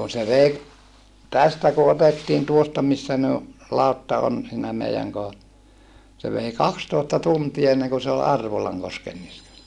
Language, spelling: Finnish, kun se vei tästä kun otettiin tuosta missä ne on lautta on siinä meidän kohdalla se vei kaksitoista tuntia ennen kuin se oli Arvolankosken niskassa
- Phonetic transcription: kun se vei , tästä ku otettiin tuosta missä ne o , lautta on , siinä mei(äŋ kohalla , se vei kakstòesta tuntie enneŋ ku se ol Arvolaŋkosken niskassa .

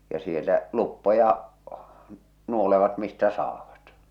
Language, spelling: Finnish, ja siellä luppoja nuolevat mistä saavat
- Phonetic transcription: ja siel̆lä , 'luppoja , 'nuolevat mistä 'saavat .

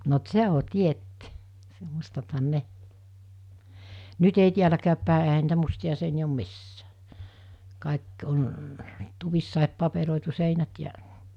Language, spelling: Finnish, no - se on tietty - mustathan ne nyt ei täälläkään päin eihän niitä mustia seiniä ole missään kaikki on tuvissa paperoitu seinät ja
- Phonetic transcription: no t- "se o 'tietty , (s-) 'mustathan 'ne , 'nyt ‿ei tiäläkääppä̀e ehä niitä 'musti₍a seini₍ä om 'missää , 'kàek on , 'tuvissàep 'paperòitu 'seinät jä ,.

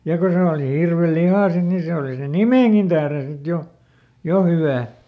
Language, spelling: Finnish, ja kun se oli hirvenlihaa sitten niin se oli sen nimenkin tähden sitten jo jo hyvää
- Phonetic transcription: ja ˈko se òli ˈhirveˈlihà sit ni ˈse òli sen̆ "nimèŋkin ˈtähren sit ˈjo , "jo hyvää .

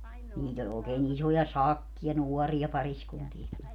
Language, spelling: Finnish, niitä oli oikein isoja sakkeja nuoria pariskuntiakin
- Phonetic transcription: 'niit ‿oĺ ookee'n ‿isoja "sakkiʲa 'nuɔria 'pariskuntiɛki .

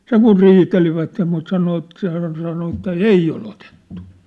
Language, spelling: Finnish, sen kun riitelivät mutta sanoi että se hän sanoi että ei ole otettu
- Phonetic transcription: 'seŋ̆ kur "riitelivätte mut 'sano et 'se hään sano että » "ei ol otettᴜ ! «

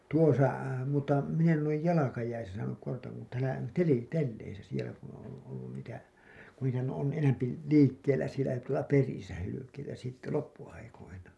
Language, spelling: Finnish, tuossa mutta minä en ole jalkajäissä saanut kahta kun täällä - telleissä siellä kun on - ollut niitä kun niitähän on enempi liikkeellä siellä tuolla perillä hylkeitä sitten loppuaikoina
- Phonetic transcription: tuosa , mutta min ‿en ‿ol§ej 'ja-lakajäisä saanuk (kahta) kun täälä 'teli- , 'telleisä sielä kun ‿oo̰ oi- , ollun niitä , ku niitähän on , 'enämpi , "liikkel̆lä sielä , tuola "perisä , 'hylykeitä , sitte 'loppu₍aikoina .

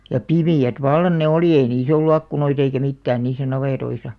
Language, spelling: Finnish, ja pimeät vallan ne oli ei niissä ollut ikkunoita eikä mitään niissä navetoissa
- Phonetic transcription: ja "pimi₍ät 'vallan ne "olì ei 'niis ‿ollu 'akkunoit ‿eikä 'mittään 'niis̆sä 'navètoisa .

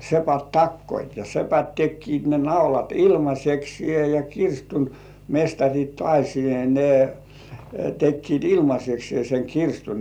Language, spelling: Finnish, sepät takoivat ja sepät tekivät ne naulat ilmaiseksi ja kirstun mestarit taas niin ne tekivät ilmaiseksi sen kirstun
- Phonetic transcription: 'sepät "takkoit ja 'sepät "tekkiit ne naulat "ilmas̜eksĭè ja "kirstun , 'mestaŕit tŏàśi ni , nè , tekkiit "ilmas̜eksĭè seŋ 'kirstun .

